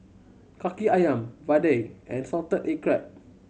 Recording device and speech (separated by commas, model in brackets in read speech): mobile phone (Samsung C7100), read sentence